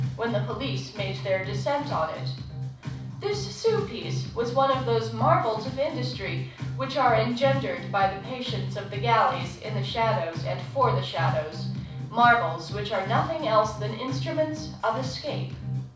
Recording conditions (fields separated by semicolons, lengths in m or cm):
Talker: one person; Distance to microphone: 5.8 m; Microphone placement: far; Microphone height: 1.8 m; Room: medium-sized (5.7 m by 4.0 m); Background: music